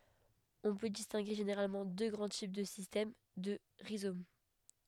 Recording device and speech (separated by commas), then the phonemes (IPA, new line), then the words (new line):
headset microphone, read sentence
ɔ̃ pø distɛ̃ɡe ʒeneʁalmɑ̃ dø ɡʁɑ̃ tip də sistɛm də ʁizom
On peut distinguer généralement deux grands types de système de rhizome.